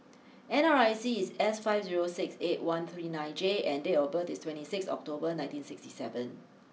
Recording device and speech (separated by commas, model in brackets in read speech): mobile phone (iPhone 6), read sentence